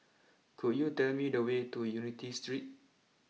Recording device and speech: mobile phone (iPhone 6), read sentence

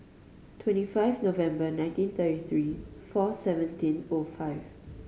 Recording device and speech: mobile phone (Samsung C5010), read sentence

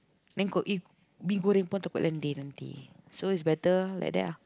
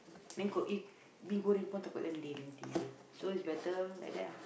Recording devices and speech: close-talking microphone, boundary microphone, conversation in the same room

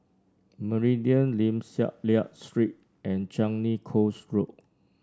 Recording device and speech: standing microphone (AKG C214), read sentence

